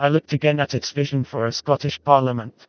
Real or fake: fake